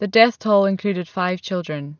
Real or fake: real